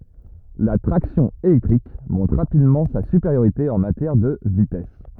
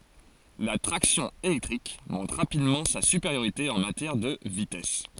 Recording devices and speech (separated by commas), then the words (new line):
rigid in-ear microphone, forehead accelerometer, read sentence
La traction électrique montre rapidement sa supériorité en matière de vitesse.